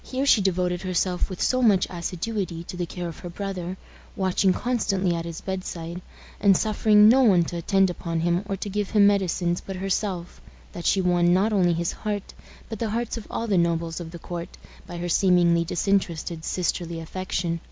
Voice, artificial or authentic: authentic